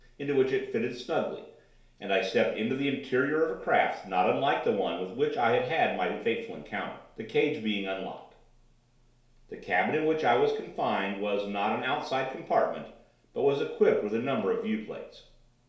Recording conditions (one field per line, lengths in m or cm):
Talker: one person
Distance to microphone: 1.0 m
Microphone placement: close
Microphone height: 1.1 m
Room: small (3.7 m by 2.7 m)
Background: none